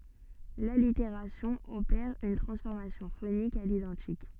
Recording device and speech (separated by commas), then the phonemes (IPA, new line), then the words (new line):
soft in-ear microphone, read sentence
laliteʁasjɔ̃ opɛʁ yn tʁɑ̃sfɔʁmasjɔ̃ fonik a lidɑ̃tik
L'allitération opère une transformation phonique à l'identique.